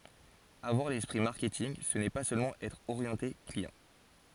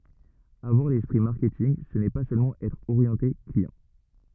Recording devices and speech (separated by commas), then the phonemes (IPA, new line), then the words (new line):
forehead accelerometer, rigid in-ear microphone, read sentence
avwaʁ lɛspʁi maʁkɛtinɡ sə nɛ pa sølmɑ̃ ɛtʁ oʁjɑ̃te kliɑ̃
Avoir l'esprit marketing, ce n'est pas seulement être orienté client.